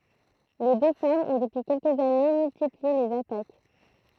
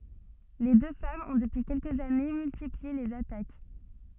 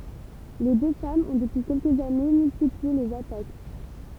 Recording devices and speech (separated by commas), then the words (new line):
throat microphone, soft in-ear microphone, temple vibration pickup, read sentence
Les deux femmes ont depuis quelques années, multiplié les attaques.